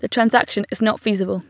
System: none